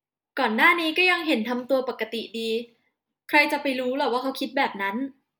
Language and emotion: Thai, neutral